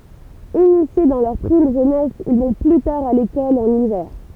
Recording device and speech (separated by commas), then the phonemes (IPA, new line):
temple vibration pickup, read sentence
inisje dɑ̃ lœʁ pʁim ʒønɛs il vɔ̃ ply taʁ a lekɔl ɑ̃n ivɛʁ